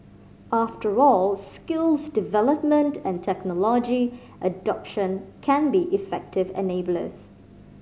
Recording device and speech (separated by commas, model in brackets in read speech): mobile phone (Samsung C5010), read sentence